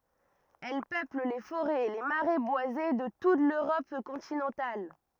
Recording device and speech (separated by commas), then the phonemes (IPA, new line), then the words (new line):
rigid in-ear microphone, read sentence
ɛl pøpl le foʁɛz e le maʁɛ bwaze də tut løʁɔp kɔ̃tinɑ̃tal
Elle peuple les forêts et les marais boisés de toute l'Europe continentale.